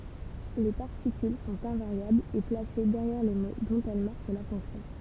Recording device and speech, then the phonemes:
temple vibration pickup, read sentence
le paʁtikyl sɔ̃t ɛ̃vaʁjablz e plase dɛʁjɛʁ le mo dɔ̃t ɛl maʁk la fɔ̃ksjɔ̃

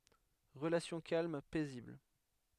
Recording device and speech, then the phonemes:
headset microphone, read sentence
ʁəlasjɔ̃ kalm pɛzibl

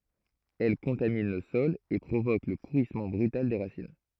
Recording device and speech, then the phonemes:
throat microphone, read sentence
ɛl kɔ̃tamin lə sɔl e pʁovok lə puʁismɑ̃ bʁytal de ʁasin

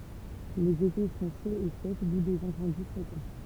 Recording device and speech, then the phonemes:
temple vibration pickup, read sentence
lez ete sɔ̃ ʃoz e sɛk du dez ɛ̃sɑ̃di fʁekɑ̃

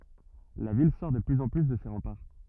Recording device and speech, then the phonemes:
rigid in-ear microphone, read sentence
la vil sɔʁ də plyz ɑ̃ ply də se ʁɑ̃paʁ

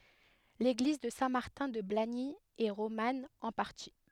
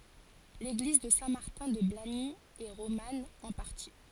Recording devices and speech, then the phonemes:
headset microphone, forehead accelerometer, read sentence
leɡliz də sɛ̃ maʁtɛ̃ də blaɲi ɛ ʁoman ɑ̃ paʁti

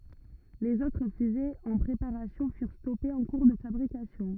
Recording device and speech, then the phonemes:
rigid in-ear microphone, read sentence
lez otʁ fyzez ɑ̃ pʁepaʁasjɔ̃ fyʁ stɔpez ɑ̃ kuʁ də fabʁikasjɔ̃

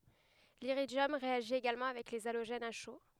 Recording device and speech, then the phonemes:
headset microphone, read sentence
liʁidjɔm ʁeaʒi eɡalmɑ̃ avɛk le aloʒɛnz a ʃo

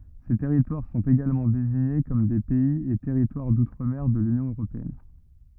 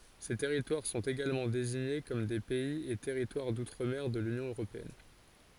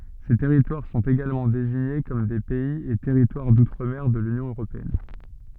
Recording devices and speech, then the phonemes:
rigid in-ear microphone, forehead accelerometer, soft in-ear microphone, read sentence
se tɛʁitwaʁ sɔ̃t eɡalmɑ̃ deziɲe kɔm de pɛiz e tɛʁitwaʁ dutʁ mɛʁ də lynjɔ̃ øʁopeɛn

